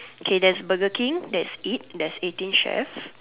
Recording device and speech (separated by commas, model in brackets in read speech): telephone, conversation in separate rooms